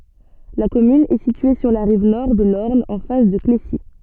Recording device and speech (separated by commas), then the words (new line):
soft in-ear microphone, read sentence
La commune est située sur la rive nord de l'Orne en face de Clécy.